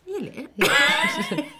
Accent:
in posh British accent